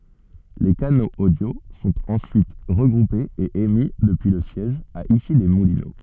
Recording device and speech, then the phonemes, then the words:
soft in-ear microphone, read sentence
le kanoz odjo sɔ̃t ɑ̃syit ʁəɡʁupez e emi dəpyi lə sjɛʒ a isilɛsmulino
Les canaux audio sont ensuite regroupés et émis depuis le siège, à Issy-les-Moulineaux.

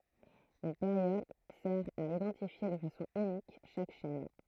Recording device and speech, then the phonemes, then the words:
throat microphone, read sentence
yn peʁjɔd sɛʁ a idɑ̃tifje də fasɔ̃ ynik ʃak ʃɛn
Une période sert à identifier de façon unique chaque chaîne.

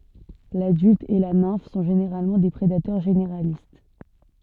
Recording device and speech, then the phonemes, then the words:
soft in-ear microphone, read sentence
ladylt e la nɛ̃f sɔ̃ ʒeneʁalmɑ̃ de pʁedatœʁ ʒeneʁalist
L'adulte et la nymphe sont généralement des prédateurs généralistes.

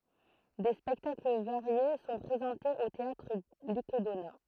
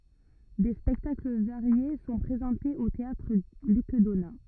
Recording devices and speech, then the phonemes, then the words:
throat microphone, rigid in-ear microphone, read sentence
de spɛktakl vaʁje sɔ̃ pʁezɑ̃tez o teatʁ lyk dona
Des spectacles variés sont présentés au théâtre Luc Donat.

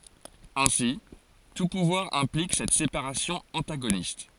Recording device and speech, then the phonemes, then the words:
forehead accelerometer, read sentence
ɛ̃si tu puvwaʁ ɛ̃plik sɛt sepaʁasjɔ̃ ɑ̃taɡonist
Ainsi, tout pouvoir implique cette séparation antagoniste.

